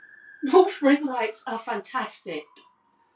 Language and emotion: English, sad